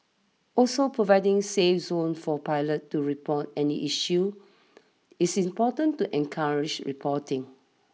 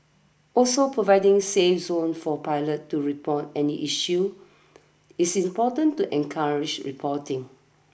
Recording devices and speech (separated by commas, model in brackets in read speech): mobile phone (iPhone 6), boundary microphone (BM630), read sentence